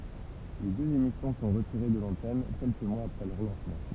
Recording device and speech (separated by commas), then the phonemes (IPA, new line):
temple vibration pickup, read sentence
le døz emisjɔ̃ sɔ̃ ʁətiʁe də lɑ̃tɛn kɛlkə mwaz apʁɛ lœʁ lɑ̃smɑ̃